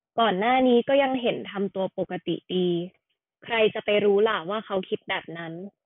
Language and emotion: Thai, neutral